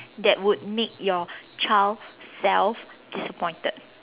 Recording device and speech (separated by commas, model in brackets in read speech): telephone, conversation in separate rooms